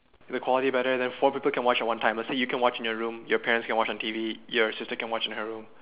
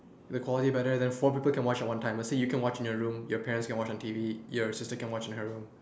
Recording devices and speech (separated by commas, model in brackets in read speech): telephone, standing microphone, conversation in separate rooms